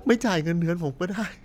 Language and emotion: Thai, sad